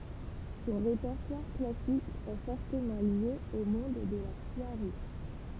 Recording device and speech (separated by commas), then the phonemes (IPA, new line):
temple vibration pickup, read sentence
sɔ̃ ʁepɛʁtwaʁ klasik ɛ fɔʁtəmɑ̃ lje o mɔ̃d də la swaʁi